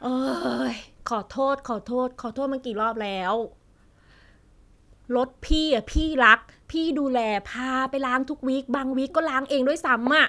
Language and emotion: Thai, frustrated